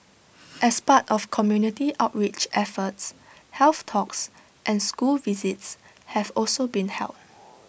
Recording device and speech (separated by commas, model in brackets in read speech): boundary microphone (BM630), read sentence